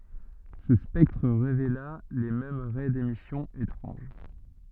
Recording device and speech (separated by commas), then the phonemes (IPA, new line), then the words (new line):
soft in-ear microphone, read sentence
sə spɛktʁ ʁevela le mɛm ʁɛ demisjɔ̃ etʁɑ̃ʒ
Ce spectre révéla les mêmes raies d’émission étranges.